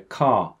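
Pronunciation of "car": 'Car' is said the British English way, with no R sound at the end.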